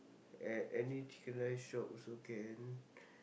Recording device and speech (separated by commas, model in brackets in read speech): boundary microphone, conversation in the same room